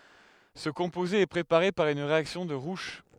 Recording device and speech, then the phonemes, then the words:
headset microphone, read sentence
sə kɔ̃poze ɛ pʁepaʁe paʁ yn ʁeaksjɔ̃ də ʁuʃ
Ce composé est préparé par une réaction de Roush.

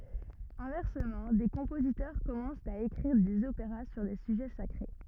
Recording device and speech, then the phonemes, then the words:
rigid in-ear microphone, read sentence
ɛ̃vɛʁsəmɑ̃ de kɔ̃pozitœʁ kɔmɑ̃st a ekʁiʁ dez opeʁa syʁ de syʒɛ sakʁe
Inversement, des compositeurs commencent à écrire des opéras sur des sujets sacrés.

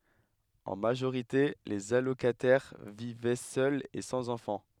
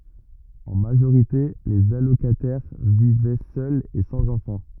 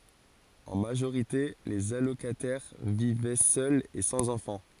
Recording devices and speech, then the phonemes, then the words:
headset microphone, rigid in-ear microphone, forehead accelerometer, read sentence
ɑ̃ maʒoʁite lez alokatɛʁ vivɛ sœlz e sɑ̃z ɑ̃fɑ̃
En majorité, les allocataires vivaient seuls et sans enfants.

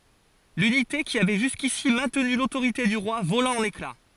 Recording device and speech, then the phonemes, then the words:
forehead accelerometer, read sentence
lynite ki avɛ ʒyskisi mɛ̃tny lotoʁite dy ʁwa vola ɑ̃n ekla
L'unité qui avait jusqu'ici maintenu l'autorité du roi vola en éclats.

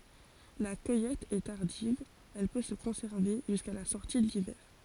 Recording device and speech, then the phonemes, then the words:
forehead accelerometer, read sentence
la kœjɛt ɛ taʁdiv ɛl pø sə kɔ̃sɛʁve ʒyska la sɔʁti də livɛʁ
La cueillette est tardive, elle peut se conserver jusqu'à la sortie de l'hiver.

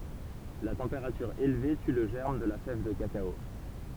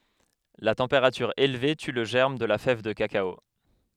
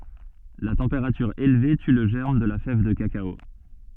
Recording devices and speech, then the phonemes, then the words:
temple vibration pickup, headset microphone, soft in-ear microphone, read sentence
la tɑ̃peʁatyʁ elve ty lə ʒɛʁm də la fɛv də kakao
La température élevée tue le germe de la fève de cacao.

